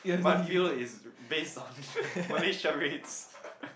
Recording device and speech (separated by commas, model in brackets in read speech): boundary microphone, conversation in the same room